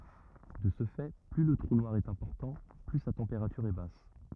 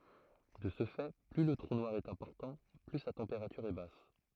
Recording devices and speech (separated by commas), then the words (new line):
rigid in-ear microphone, throat microphone, read sentence
De ce fait, plus le trou noir est important, plus sa température est basse.